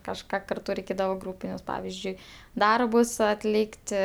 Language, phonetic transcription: Lithuanian, kažˈką karˈtu reiˈkėdavo ˈgrūpinius ˈpavizdžiui ˈdarbus atˈlykti

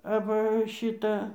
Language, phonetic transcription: Lithuanian, aˈva ˈšyta

